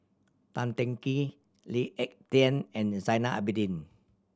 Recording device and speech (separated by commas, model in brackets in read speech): standing microphone (AKG C214), read sentence